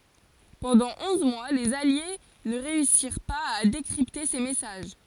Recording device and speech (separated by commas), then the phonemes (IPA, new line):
forehead accelerometer, read sentence
pɑ̃dɑ̃ ɔ̃z mwa lez alje nə ʁeysiʁ paz a dekʁipte se mɛsaʒ